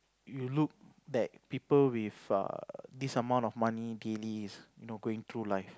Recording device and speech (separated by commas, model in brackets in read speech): close-talking microphone, conversation in the same room